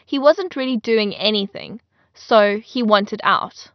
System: none